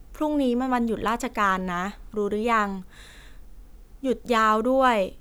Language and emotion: Thai, neutral